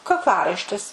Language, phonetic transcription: Lithuanian, kakˈlaraištis

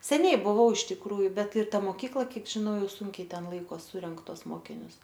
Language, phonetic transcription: Lithuanian, seˈniai buˈvau iš tikˈrųju ˈbet ir ˈta moˈkykla ˈkiek žiˈnau ˈjau ˈsunkiai ˈten ˈlaikos ˈsurenk ˈtuos ˈmokinius

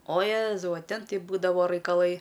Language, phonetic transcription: Lithuanian, o ˈjėzau a ˈten ˈtai ˈbūdavo raikaˈlai

